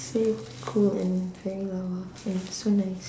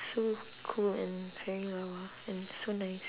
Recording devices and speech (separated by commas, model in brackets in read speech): standing microphone, telephone, conversation in separate rooms